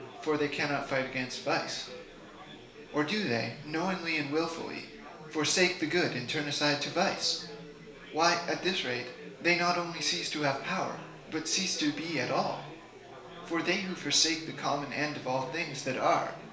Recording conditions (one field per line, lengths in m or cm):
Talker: one person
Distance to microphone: 1.0 m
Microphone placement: close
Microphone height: 1.1 m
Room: small (3.7 m by 2.7 m)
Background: babble